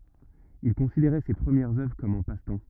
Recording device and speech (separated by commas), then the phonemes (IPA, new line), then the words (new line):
rigid in-ear microphone, read sentence
il kɔ̃sideʁɛ se pʁəmjɛʁz œvʁ kɔm œ̃ pastɑ̃
Il considérait ses premières œuvres comme un passe-temps.